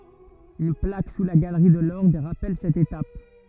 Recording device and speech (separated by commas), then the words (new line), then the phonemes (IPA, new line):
rigid in-ear microphone, read sentence
Une plaque, sous la galerie de l’orgue, rappelle cette étape.
yn plak su la ɡalʁi də lɔʁɡ ʁapɛl sɛt etap